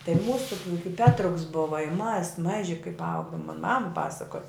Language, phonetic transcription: Lithuanian, tai ˈmūsu juk i petruks buva i mas ˈmaži kaip ˈaugom mon mam ˈpasakoj

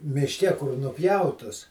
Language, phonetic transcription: Lithuanian, mišˈke kur nuˈpjautus

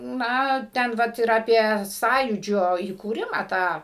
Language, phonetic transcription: Lithuanian, ˈna ˈten ˈvat ir aˈpie ˈsąjūdžio įkūˈrimą ˈtą

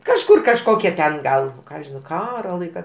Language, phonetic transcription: Lithuanian, kažˈkur kažˈkokia ten ˈgal nu ˈką žiˈnau ˈkaro ˈlaika

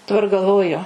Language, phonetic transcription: Lithuanian, daˈbar galˈvoju

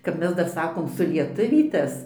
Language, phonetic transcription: Lithuanian, ˈkap ˈmes ˈdar ˈsakom sulieˈtuvytas

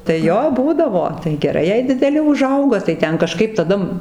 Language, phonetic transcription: Lithuanian, tai ˈjo ˈbūdavo tai geˈrai jei dideˈli uˈžauga tai ˈten kaˈžkaip taˈda

